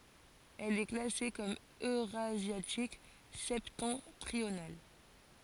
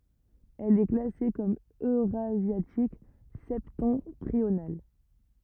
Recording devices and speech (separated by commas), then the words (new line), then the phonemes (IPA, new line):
forehead accelerometer, rigid in-ear microphone, read sentence
Elle est classée comme eurasiatique septentrional.
ɛl ɛ klase kɔm øʁazjatik sɛptɑ̃tʁional